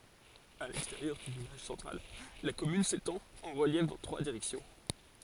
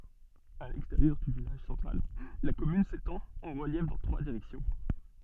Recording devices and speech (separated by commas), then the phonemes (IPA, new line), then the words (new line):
forehead accelerometer, soft in-ear microphone, read sentence
a lɛksteʁjœʁ dy vilaʒ sɑ̃tʁal la kɔmyn setɑ̃t ɑ̃ ʁəljɛf dɑ̃ tʁwa diʁɛksjɔ̃
À l'extérieur du village central, la commune s'étend en reliefs dans trois directions.